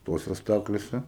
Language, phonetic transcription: Lithuanian, ˈtose ˈstaklėse

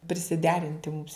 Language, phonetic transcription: Lithuanian, prisiˈderinti mums

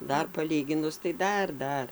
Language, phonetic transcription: Lithuanian, ˈdar paˈlyginus tai ˈdar ˈdar

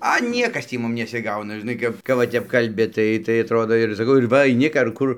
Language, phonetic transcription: Lithuanian, a ˈniekas ˈtį ˈmum nesiˈgauna žiˈnai kap kap va ˈtep kalˈbi ˈtai tai atˈrodo ir saˈkau ir ˈva aiˈni k ar ˈkur

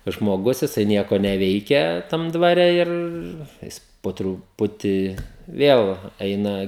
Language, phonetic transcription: Lithuanian, tas žmoˈgus jiˈsai ˈnieko neˈveikia tam dvaˈre ˈir ˈjis po truˈputi ˈviel ˈeina

